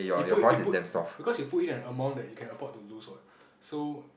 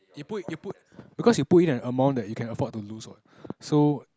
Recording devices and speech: boundary microphone, close-talking microphone, conversation in the same room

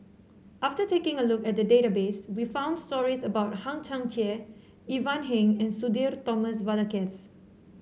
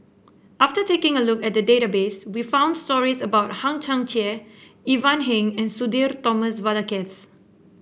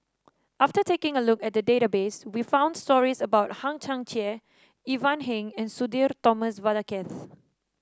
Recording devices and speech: mobile phone (Samsung C7), boundary microphone (BM630), standing microphone (AKG C214), read sentence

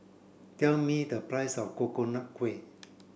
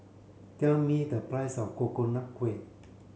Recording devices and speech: boundary microphone (BM630), mobile phone (Samsung C7), read sentence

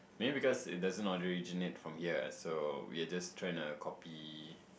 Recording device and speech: boundary microphone, conversation in the same room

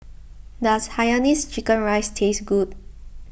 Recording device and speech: boundary microphone (BM630), read sentence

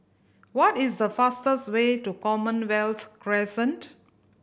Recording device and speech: boundary microphone (BM630), read sentence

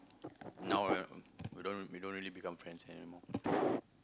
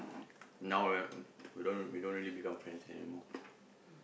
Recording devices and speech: close-talking microphone, boundary microphone, conversation in the same room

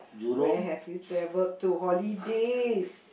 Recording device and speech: boundary microphone, conversation in the same room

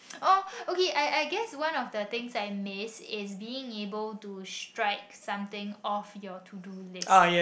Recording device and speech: boundary microphone, conversation in the same room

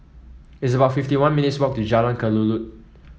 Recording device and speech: mobile phone (iPhone 7), read sentence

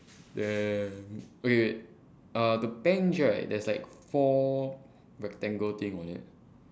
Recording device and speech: standing microphone, conversation in separate rooms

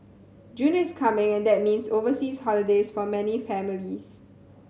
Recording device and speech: mobile phone (Samsung C7100), read sentence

